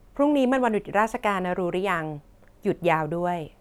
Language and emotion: Thai, neutral